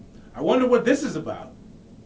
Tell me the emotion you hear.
angry